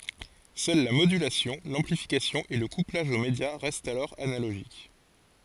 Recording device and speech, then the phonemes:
forehead accelerometer, read sentence
sœl la modylasjɔ̃ lɑ̃plifikasjɔ̃ e lə kuplaʒ o medja ʁɛstt alɔʁ analoʒik

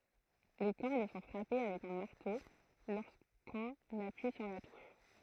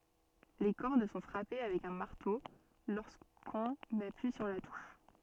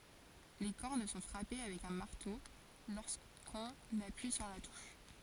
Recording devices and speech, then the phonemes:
throat microphone, soft in-ear microphone, forehead accelerometer, read sentence
le kɔʁd sɔ̃ fʁape avɛk œ̃ maʁto loʁskɔ̃n apyi syʁ la tuʃ

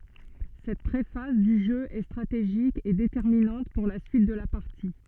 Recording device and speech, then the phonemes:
soft in-ear microphone, read sentence
sɛt pʁefaz dy ʒø ɛ stʁateʒik e detɛʁminɑ̃t puʁ la syit də la paʁti

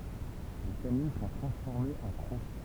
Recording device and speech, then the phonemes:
temple vibration pickup, read sentence
le kanin sɔ̃ tʁɑ̃sfɔʁmez ɑ̃ kʁo

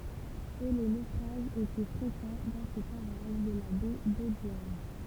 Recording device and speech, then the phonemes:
temple vibration pickup, read sentence
e le nofʁaʒz etɛ fʁekɑ̃ dɑ̃ se paʁaʒ də la bɛ dodjɛʁn

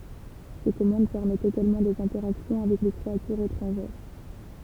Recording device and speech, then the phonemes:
temple vibration pickup, read sentence
se kɔmɑ̃d pɛʁmɛtt eɡalmɑ̃ dez ɛ̃tɛʁaksjɔ̃ avɛk le kʁeatyʁz etʁɑ̃ʒɛʁ

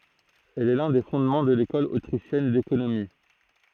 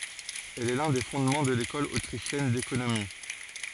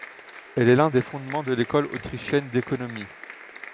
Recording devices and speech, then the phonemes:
throat microphone, forehead accelerometer, headset microphone, read sentence
ɛl ɛ lœ̃ de fɔ̃dmɑ̃ də lekɔl otʁiʃjɛn dekonomi

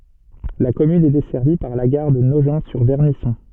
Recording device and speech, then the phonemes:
soft in-ear microphone, read sentence
la kɔmyn ɛ dɛsɛʁvi paʁ la ɡaʁ də noʒɑ̃tsyʁvɛʁnisɔ̃

